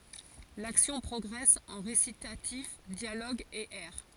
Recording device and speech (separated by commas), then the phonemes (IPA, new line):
forehead accelerometer, read sentence
laksjɔ̃ pʁɔɡʁɛs ɑ̃ ʁesitatif djaloɡz e ɛʁ